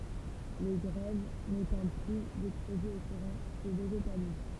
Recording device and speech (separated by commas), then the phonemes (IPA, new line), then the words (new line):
temple vibration pickup, read sentence
le ɡʁɛv netɑ̃ plyz ɛkspozez o kuʁɑ̃ sə veʒetaliz
Les grèves, n'étant plus exposées au courant, se végétalisent.